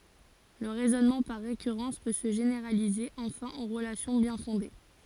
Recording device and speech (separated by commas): forehead accelerometer, read sentence